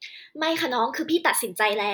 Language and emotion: Thai, angry